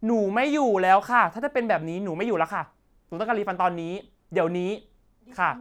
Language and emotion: Thai, frustrated